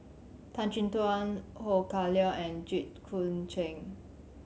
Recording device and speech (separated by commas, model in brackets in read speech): mobile phone (Samsung C7100), read sentence